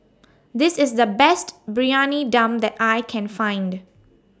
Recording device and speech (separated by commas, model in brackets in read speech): standing microphone (AKG C214), read sentence